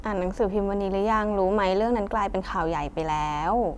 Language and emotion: Thai, neutral